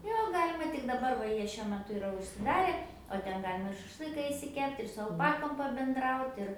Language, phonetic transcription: Lithuanian, ˈjo ˈgalima tik daˈbar va ˈjie šiuo meˈtu iˈra užsiˈdare o ˈten ˈgalima ir šašˈlɨka išsiˈkept' ir su alˈpakom pabenˈdraut' ir

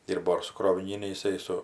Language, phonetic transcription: Lithuanian, ˈdyrbo ir su kroviˈnyne iˈsai su

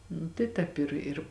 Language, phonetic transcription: Lithuanian, ˈnu tai ˈtēp ir ir

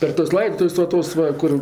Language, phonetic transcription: Lithuanian, per tuos ˈlaiptus va ˈtos va ˈkur

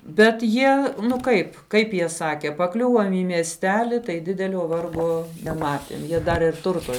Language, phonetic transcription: Lithuanian, bet ˈjie ˈnu ˈkaip ˈkaip jie ˈsake paˈkliuvom į miesˈteli tai ˈdidelio ˈvargo neˈmatėm ˈjie ˈdar ir ˈturto

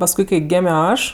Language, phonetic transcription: Lithuanian, pasˈkui kai ˈgėmio ˈaš

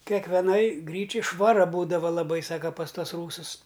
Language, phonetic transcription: Lithuanian, kekveˈnaj ˈgryčiaj švaˈra ˈbūdava laˈbai ˈsaka pas ˈtuos ˈrūsus

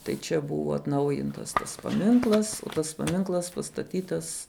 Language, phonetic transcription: Lithuanian, tai ˈčia ˈbuva atˈnaujintas tas paˈminklas o ˈtas paˈminklas pastaˈtytas

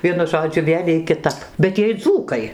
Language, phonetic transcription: Lithuanian, ˈvienu ˈžodžiu ˈvėl' iej kiˈtap bet ˈjiej ˈdzūkai

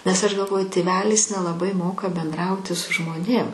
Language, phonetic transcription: Lithuanian, nes aš galˈvoju tėˈvelis nelaˈbai ˈmoka benˈdrauti su žmoˈnėm

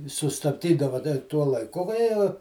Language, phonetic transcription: Lithuanian, i sustabˈdydava da i ˈtuo laiˈku va ˈjie

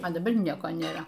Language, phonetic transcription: Lithuanian, a daˈbar ˈnieko nėˈra

